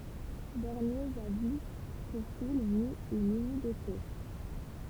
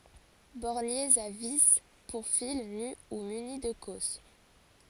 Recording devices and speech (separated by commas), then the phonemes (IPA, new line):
temple vibration pickup, forehead accelerometer, read sentence
bɔʁnjez a vi puʁ fil ny u myni də kɔs